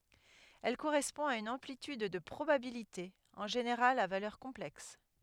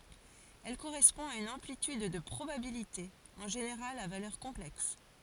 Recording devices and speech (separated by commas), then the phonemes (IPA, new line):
headset microphone, forehead accelerometer, read sentence
ɛl koʁɛspɔ̃ a yn ɑ̃plityd də pʁobabilite ɑ̃ ʒeneʁal a valœʁ kɔ̃plɛks